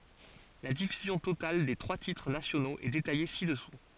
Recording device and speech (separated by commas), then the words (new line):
forehead accelerometer, read sentence
La diffusion totale des trois titres nationaux est détaillée ci-dessous.